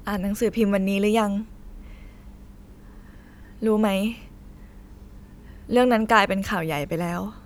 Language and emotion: Thai, frustrated